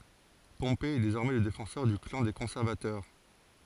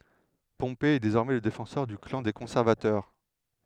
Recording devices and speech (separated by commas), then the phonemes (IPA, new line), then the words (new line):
forehead accelerometer, headset microphone, read sentence
pɔ̃pe ɛ dezɔʁmɛ lə defɑ̃sœʁ dy klɑ̃ de kɔ̃sɛʁvatœʁ
Pompée est désormais le défenseur du clan des conservateurs.